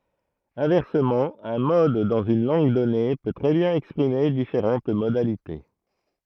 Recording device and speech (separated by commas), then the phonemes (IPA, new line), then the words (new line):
throat microphone, read sentence
ɛ̃vɛʁsəmɑ̃ œ̃ mɔd dɑ̃z yn lɑ̃ɡ dɔne pø tʁɛ bjɛ̃n ɛkspʁime difeʁɑ̃t modalite
Inversement, un mode dans une langue donnée peut très bien exprimer différentes modalités.